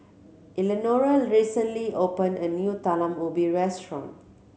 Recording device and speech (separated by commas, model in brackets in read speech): mobile phone (Samsung C7100), read sentence